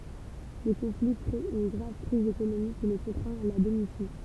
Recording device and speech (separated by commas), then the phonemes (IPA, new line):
temple vibration pickup, read sentence
lə kɔ̃fli kʁe yn ɡʁav kʁiz ekonomik ki lə kɔ̃tʁɛ̃t a la demisjɔ̃